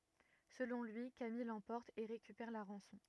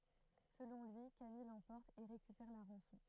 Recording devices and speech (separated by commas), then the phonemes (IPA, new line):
rigid in-ear microphone, throat microphone, read sentence
səlɔ̃ lyi kamij lɑ̃pɔʁt e ʁekypɛʁ la ʁɑ̃sɔ̃